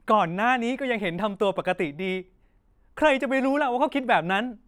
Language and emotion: Thai, frustrated